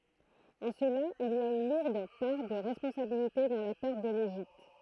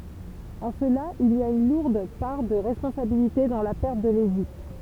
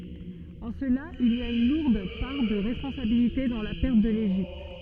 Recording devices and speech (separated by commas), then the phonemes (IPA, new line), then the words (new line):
throat microphone, temple vibration pickup, soft in-ear microphone, read sentence
ɑ̃ səla il a yn luʁd paʁ də ʁɛspɔ̃sabilite dɑ̃ la pɛʁt də leʒipt
En cela, il a une lourde part de responsabilité dans la perte de l'Égypte.